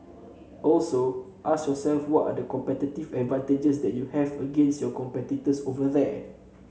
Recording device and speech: mobile phone (Samsung C7), read sentence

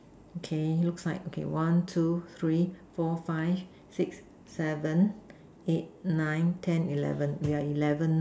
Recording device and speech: standing microphone, conversation in separate rooms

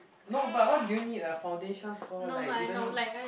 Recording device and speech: boundary microphone, conversation in the same room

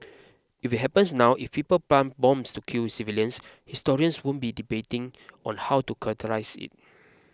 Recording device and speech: close-talking microphone (WH20), read sentence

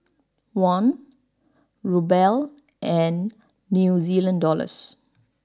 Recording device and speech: standing microphone (AKG C214), read sentence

